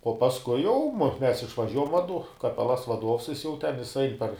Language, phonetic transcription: Lithuanian, uo pasˈkui jau mu ˈmes išvaˈžiuojam vaˈdu kaˈpelas vaˈduovs ˈjis jau ten ˈjis ˈain par

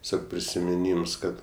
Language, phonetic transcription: Lithuanian, teˈsiog prisimiˈnyms ˈkad

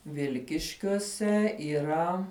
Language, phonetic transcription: Lithuanian, ˈvilkiškiuose yˈra

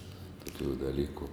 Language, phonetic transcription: Lithuanian, toˈkių daˈlyku

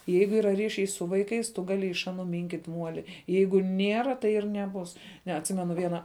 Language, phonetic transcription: Lithuanian, ˈjeigu ˈyra ˈryšiai su ˈvaiˌkais tu ˈgali iš ˈaˌnu ˈminkyt' ˈmuoli ˈjeigu ˈniera tai ir neˈbus ˈne atˈsimenu ˈviena

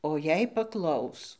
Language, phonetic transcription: Lithuanian, o jei paˈklaus

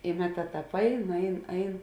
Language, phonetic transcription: Lithuanian, i ˈmeˌtā ˈtāp ˈain ˈain ˈain

